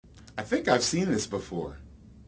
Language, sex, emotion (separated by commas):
English, male, neutral